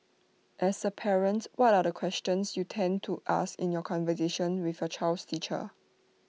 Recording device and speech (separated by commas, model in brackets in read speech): mobile phone (iPhone 6), read sentence